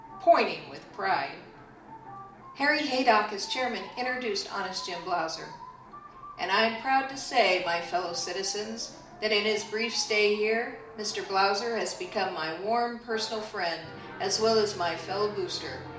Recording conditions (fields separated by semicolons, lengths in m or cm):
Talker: one person; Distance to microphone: 2.0 m; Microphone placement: close; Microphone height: 99 cm; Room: medium-sized (5.7 m by 4.0 m); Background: television